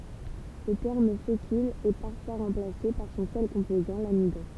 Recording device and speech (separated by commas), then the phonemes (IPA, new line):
temple vibration pickup, read sentence
lə tɛʁm fekyl ɛ paʁfwa ʁɑ̃plase paʁ sɔ̃ sœl kɔ̃pozɑ̃ lamidɔ̃